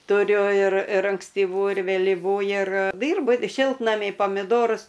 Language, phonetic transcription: Lithuanian, tuˈriu ir ir ankstyˈvų ir vėliˈvų ir ˈdyrbu ˈšiltnamy pamiˈdorus

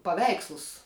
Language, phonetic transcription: Lithuanian, paˈveikslus

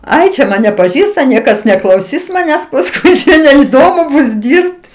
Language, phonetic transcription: Lithuanian, ˈai čia ˈmane paˈžįsta ˈniekas neklauˈsis maˈnęs paˈskui neiˈdomu ˈbus ˈdyrbt

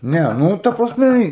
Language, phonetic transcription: Lithuanian, ˈne ˈnū ta prasˈme į

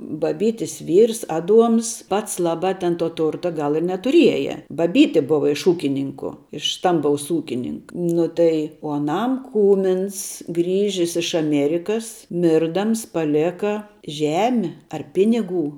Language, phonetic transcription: Lithuanian, baˈbytis ˈvyrs ˈaˌduoms ˈpats ˈlaˌbā ten to ˈturta ˈgal i netuˈrieja baˈbyti ˈbuva iš ˈūkininku iš ˈstambaus ˈūkinink ˈnu tai o aˈnam ˈkūmins ˈgrįžis iš aˈmėrikas ˈmirdams paˈlėka ˈžemi ar ˈpiniˌgų

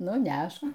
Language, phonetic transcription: Lithuanian, ˈnu ˈnæšk

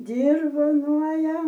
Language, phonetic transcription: Lithuanian, dirvoˈnuoja

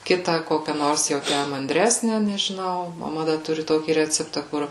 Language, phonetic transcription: Lithuanian, ˈkitą ˈkokia ˈnors jau ˈtæ manˈdresne nežiˈnau maˈma ˈda ˈturi ˈtokį ˈreceptą ˈkur

